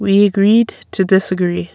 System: none